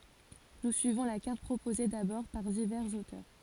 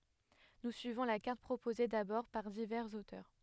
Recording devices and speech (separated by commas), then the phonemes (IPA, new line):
forehead accelerometer, headset microphone, read sentence
nu syivɔ̃ la kaʁt pʁopoze dabɔʁ paʁ divɛʁz otœʁ